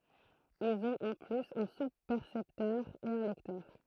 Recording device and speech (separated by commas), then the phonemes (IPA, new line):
throat microphone, read sentence
ilz ɔ̃t ɑ̃ plyz œ̃ suspɛʁsɛptœʁ e œ̃ lɛktœʁ